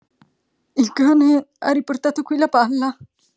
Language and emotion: Italian, fearful